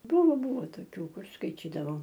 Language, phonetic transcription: Lithuanian, ˈbuvo ˈbuvo toˈkių ˈkur skaiˈtydavau

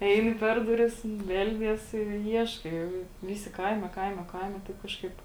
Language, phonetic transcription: Lithuanian, ˈeini ˈper duˌris ˈbeldies i ˈieškai ˈviˌsi ˈkaime ˈkaime ˈkaime taip ˈkažˌkaip

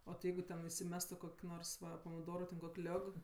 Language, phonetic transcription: Lithuanian, o ti ˈjeigu ten isiˈmestu ˈkok' ˈnors ˈva pamiˈdoru ten kok' ˈliog

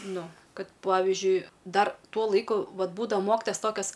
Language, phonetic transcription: Lithuanian, ˈnu ˈkad ˈpavižiui ˈdar ˈtuo ˈlaiku ˈvat ˈbūdava ˈmokitojas ˈtokias

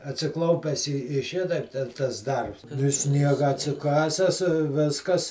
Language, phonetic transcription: Lithuanian, atsiˈklaupes i i ˈšitaip ten tas ˈdarbs i ˈsniega atsiˈkases i ˈviskas

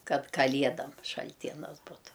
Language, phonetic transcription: Lithuanian, ˈkad kalˈiedam šalˈtienas ˈbutu

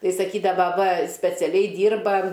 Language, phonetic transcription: Lithuanian, ˈtai saˈkydava va speciaˈliai ˈdyrba

